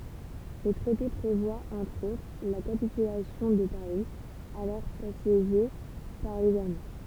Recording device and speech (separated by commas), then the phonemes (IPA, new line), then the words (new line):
temple vibration pickup, read sentence
lə tʁɛte pʁevwa ɑ̃tʁ otʁ la kapitylasjɔ̃ də paʁi alɔʁ asjeʒe paʁ lez almɑ̃
Le traité prévoit entre autres la capitulation de Paris, alors assiégé par les Allemands.